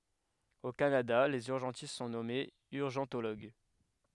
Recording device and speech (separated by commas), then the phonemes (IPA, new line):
headset microphone, read sentence
o kanada lez yʁʒɑ̃tist sɔ̃ nɔmez yʁʒɑ̃toloɡ